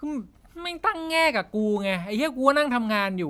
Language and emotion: Thai, angry